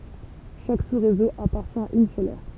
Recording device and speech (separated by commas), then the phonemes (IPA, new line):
temple vibration pickup, read sentence
ʃak susʁezo apaʁtjɛ̃ a yn sœl ɛʁ